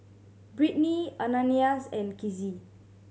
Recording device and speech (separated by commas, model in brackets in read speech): mobile phone (Samsung C7100), read sentence